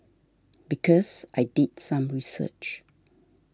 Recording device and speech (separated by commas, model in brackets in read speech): standing microphone (AKG C214), read sentence